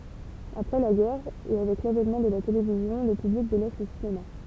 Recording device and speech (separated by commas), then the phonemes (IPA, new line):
temple vibration pickup, read sentence
apʁɛ la ɡɛʁ e avɛk lavɛnmɑ̃ də la televizjɔ̃ lə pyblik delɛs lə sinema